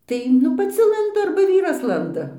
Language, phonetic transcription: Lithuanian, ˈtai nu paˈci ˈlandu arba ˈvyras ˈlanda

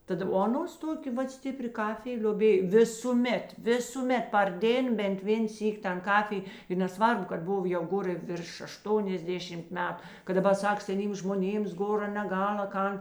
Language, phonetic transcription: Lithuanian, ˈtad o aˈnos ˈtokė ˈvat ˈstipri ˈkafij lioˈbėj ˈvisūˌmet ˈvisūˌmet par ˈdėn bent ˈvėn ˈsyk' tan ˈkafij i neˈsvarbu kad ˈbov jau ˈgor i virš ašˈtoniasˌdėšimt ˈmetu kad daˈbar ˈsak seˈnyms žmoˈnėms ˈgora neˈgal a ˈkan

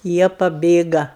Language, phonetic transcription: Lithuanian, ˈjie paˈbėga

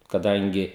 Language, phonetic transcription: Lithuanian, kaˈdangi

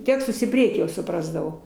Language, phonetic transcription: Lithuanian, ˈtekstus į ˈpriekį jau suˈprasdavau

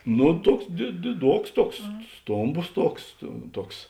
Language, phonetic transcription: Lithuanian, ˈnu ˈtuoks di diˈduoks ˈtuoks ˈstomˌbos ˈtuoks tu ˈtuoks

